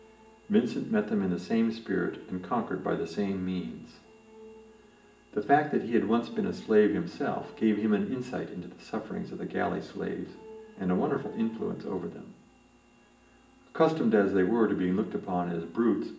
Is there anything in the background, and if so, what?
A television.